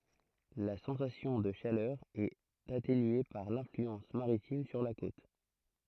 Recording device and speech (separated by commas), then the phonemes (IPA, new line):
throat microphone, read sentence
la sɑ̃sasjɔ̃ də ʃalœʁ ɛt atenye paʁ lɛ̃flyɑ̃s maʁitim syʁ la kot